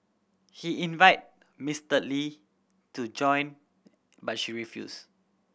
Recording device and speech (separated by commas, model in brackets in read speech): boundary microphone (BM630), read sentence